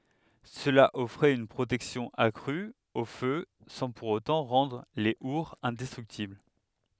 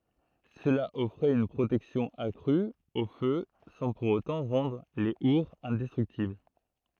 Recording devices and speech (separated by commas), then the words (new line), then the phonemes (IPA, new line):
headset microphone, throat microphone, read sentence
Cela offrait une protection accrue au feu sans pour autant rendre les hourds indestructibles.
səla ɔfʁɛt yn pʁotɛksjɔ̃ akʁy o fø sɑ̃ puʁ otɑ̃ ʁɑ̃dʁ le uʁz ɛ̃dɛstʁyktibl